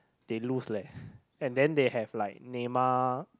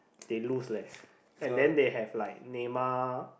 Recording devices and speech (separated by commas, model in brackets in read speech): close-talking microphone, boundary microphone, conversation in the same room